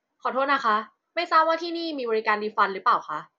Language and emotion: Thai, angry